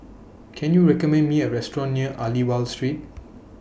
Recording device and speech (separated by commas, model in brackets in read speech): boundary microphone (BM630), read sentence